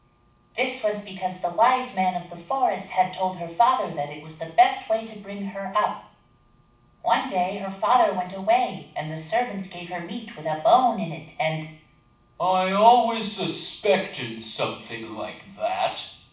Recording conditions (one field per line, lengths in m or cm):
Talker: one person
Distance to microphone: 5.8 m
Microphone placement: far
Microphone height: 1.8 m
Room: medium-sized (5.7 m by 4.0 m)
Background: none